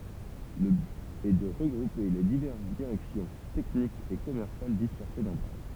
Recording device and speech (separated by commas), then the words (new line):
temple vibration pickup, read sentence
Le but est de regrouper les diverses directions techniques et commerciales dispersées dans Paris.